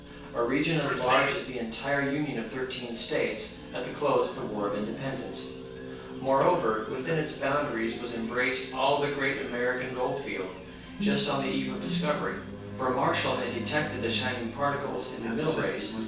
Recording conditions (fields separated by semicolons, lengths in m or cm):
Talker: one person; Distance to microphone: 9.8 m; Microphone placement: far; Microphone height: 1.8 m; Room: large; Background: television